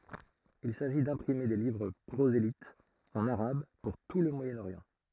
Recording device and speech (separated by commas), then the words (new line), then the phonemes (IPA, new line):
throat microphone, read sentence
Il s'agit d'imprimer des livres prosélytes en arabe pour tout le Moyen-Orient.
il saʒi dɛ̃pʁime de livʁ pʁozelitz ɑ̃n aʁab puʁ tu lə mwajənoʁjɑ̃